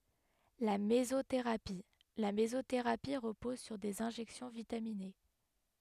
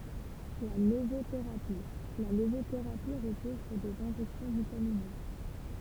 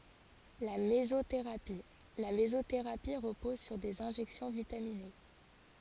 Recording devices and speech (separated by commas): headset microphone, temple vibration pickup, forehead accelerometer, read sentence